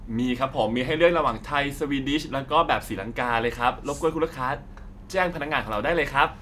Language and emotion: Thai, happy